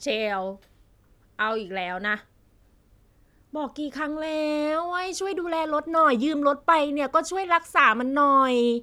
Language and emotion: Thai, frustrated